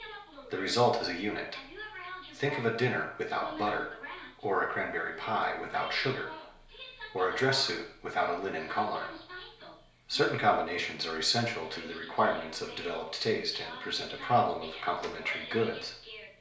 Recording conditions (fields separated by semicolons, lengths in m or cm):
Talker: one person; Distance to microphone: 1.0 m; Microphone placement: close; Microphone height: 1.1 m; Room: small (3.7 m by 2.7 m); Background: television